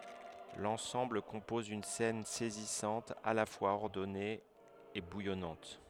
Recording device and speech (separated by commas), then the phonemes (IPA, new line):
headset microphone, read sentence
lɑ̃sɑ̃bl kɔ̃pɔz yn sɛn sɛzisɑ̃t a la fwaz ɔʁdɔne e bujɔnɑ̃t